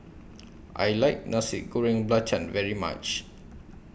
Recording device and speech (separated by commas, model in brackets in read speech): boundary microphone (BM630), read sentence